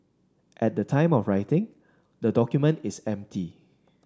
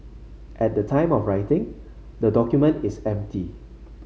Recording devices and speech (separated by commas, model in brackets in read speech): standing microphone (AKG C214), mobile phone (Samsung C5), read sentence